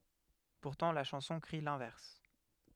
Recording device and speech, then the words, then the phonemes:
headset microphone, read sentence
Pourtant, la chanson crie l'inverse.
puʁtɑ̃ la ʃɑ̃sɔ̃ kʁi lɛ̃vɛʁs

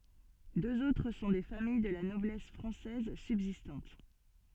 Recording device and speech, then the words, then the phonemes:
soft in-ear microphone, read sentence
Deux autres sont des familles de la noblesse française subsistantes.
døz otʁ sɔ̃ de famij də la nɔblɛs fʁɑ̃sɛz sybzistɑ̃t

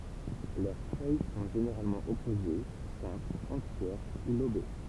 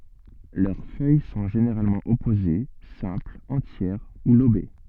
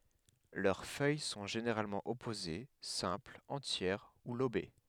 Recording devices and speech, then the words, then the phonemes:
temple vibration pickup, soft in-ear microphone, headset microphone, read sentence
Leurs feuilles sont généralement opposées, simples, entières ou lobées.
lœʁ fœj sɔ̃ ʒeneʁalmɑ̃ ɔpoze sɛ̃plz ɑ̃tjɛʁ u lobe

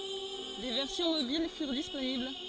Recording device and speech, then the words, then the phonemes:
forehead accelerometer, read sentence
Des versions mobiles furent disponibles.
de vɛʁsjɔ̃ mobil fyʁ disponibl

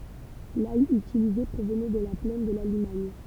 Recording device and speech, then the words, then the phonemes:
temple vibration pickup, read sentence
L’ail utilisé provenait de la plaine de la Limagne.
laj ytilize pʁovnɛ də la plɛn də la limaɲ

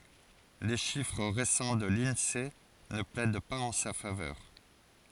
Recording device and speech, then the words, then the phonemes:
forehead accelerometer, read sentence
Les chiffres récents de l'Insee ne plaident pas en sa faveur.
le ʃifʁ ʁesɑ̃ də linse nə plɛd paz ɑ̃ sa favœʁ

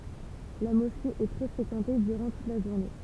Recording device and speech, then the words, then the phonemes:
temple vibration pickup, read sentence
La mosquée est très fréquentée durant toute la journée.
la mɔske ɛ tʁɛ fʁekɑ̃te dyʁɑ̃ tut la ʒuʁne

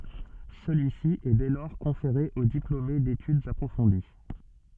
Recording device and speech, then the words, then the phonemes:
soft in-ear microphone, read sentence
Celui-ci est dès lors conféré aux diplômés d’études approfondies.
səlyisi ɛ dɛ lɔʁ kɔ̃feʁe o diplome detydz apʁofɔ̃di

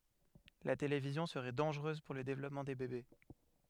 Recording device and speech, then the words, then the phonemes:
headset microphone, read sentence
La télévision serait dangereuse pour le développement des bébés.
la televizjɔ̃ səʁɛ dɑ̃ʒʁøz puʁ lə devlɔpmɑ̃ de bebe

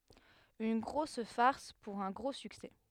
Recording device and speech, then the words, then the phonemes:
headset microphone, read sentence
Une grosse farce pour un gros succès.
yn ɡʁos faʁs puʁ œ̃ ɡʁo syksɛ

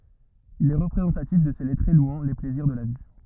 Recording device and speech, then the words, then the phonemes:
rigid in-ear microphone, read sentence
Il est représentatif de ces lettrés louant les plaisirs de la vie.
il ɛ ʁəpʁezɑ̃tatif də se lɛtʁe lwɑ̃ le plɛziʁ də la vi

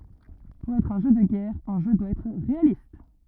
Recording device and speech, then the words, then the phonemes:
rigid in-ear microphone, read sentence
Pour être un jeu de guerre, un jeu doit être réaliste.
puʁ ɛtʁ œ̃ ʒø də ɡɛʁ œ̃ ʒø dwa ɛtʁ ʁealist

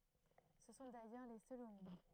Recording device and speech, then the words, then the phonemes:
throat microphone, read sentence
Ce sont d'ailleurs les seuls au monde.
sə sɔ̃ dajœʁ le sœlz o mɔ̃d

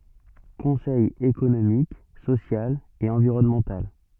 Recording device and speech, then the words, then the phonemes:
soft in-ear microphone, read sentence
Conseil économique, social et environnemental.
kɔ̃sɛj ekonomik sosjal e ɑ̃viʁɔnmɑ̃tal

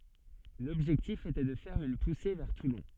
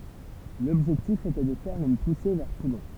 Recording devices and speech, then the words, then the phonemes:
soft in-ear microphone, temple vibration pickup, read sentence
L'objectif était de faire une poussée vers Toulon.
lɔbʒɛktif etɛ də fɛʁ yn puse vɛʁ tulɔ̃

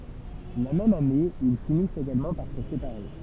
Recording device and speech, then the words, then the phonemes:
temple vibration pickup, read sentence
La même année, ils finissent également par se séparer.
la mɛm ane il finist eɡalmɑ̃ paʁ sə sepaʁe

